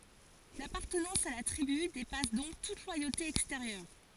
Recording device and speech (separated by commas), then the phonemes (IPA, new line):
forehead accelerometer, read sentence
lapaʁtənɑ̃s a la tʁiby depas dɔ̃k tut lwajote ɛksteʁjœʁ